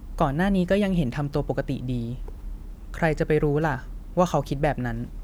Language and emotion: Thai, neutral